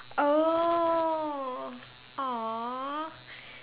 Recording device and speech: telephone, conversation in separate rooms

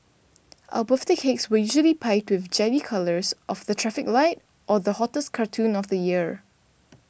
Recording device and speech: boundary microphone (BM630), read sentence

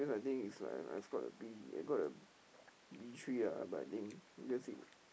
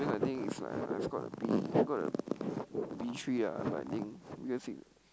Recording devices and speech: boundary microphone, close-talking microphone, conversation in the same room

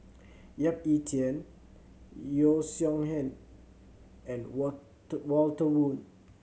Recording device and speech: mobile phone (Samsung C7100), read sentence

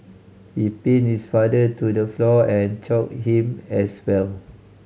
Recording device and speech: mobile phone (Samsung C5010), read sentence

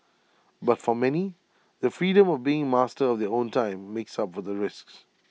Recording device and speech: mobile phone (iPhone 6), read sentence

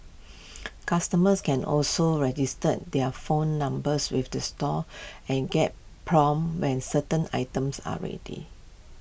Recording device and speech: boundary microphone (BM630), read sentence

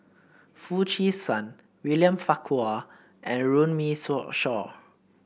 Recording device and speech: boundary microphone (BM630), read sentence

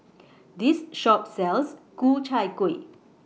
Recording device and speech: mobile phone (iPhone 6), read sentence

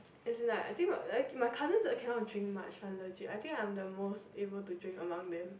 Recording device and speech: boundary microphone, conversation in the same room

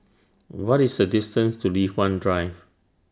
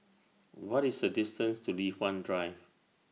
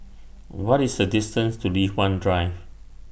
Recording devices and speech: standing microphone (AKG C214), mobile phone (iPhone 6), boundary microphone (BM630), read sentence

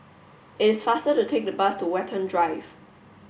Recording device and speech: boundary microphone (BM630), read sentence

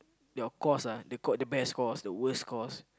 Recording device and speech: close-talking microphone, conversation in the same room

